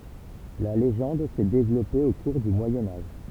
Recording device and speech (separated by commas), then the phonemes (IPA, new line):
temple vibration pickup, read sentence
la leʒɑ̃d sɛ devlɔpe o kuʁ dy mwajɛ̃ aʒ